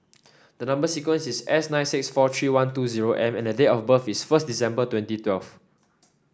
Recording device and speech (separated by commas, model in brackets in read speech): standing microphone (AKG C214), read sentence